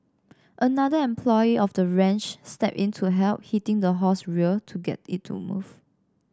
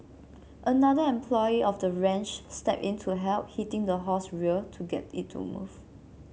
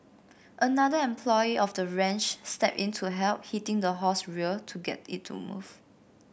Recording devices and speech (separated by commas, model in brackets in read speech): standing microphone (AKG C214), mobile phone (Samsung C7), boundary microphone (BM630), read sentence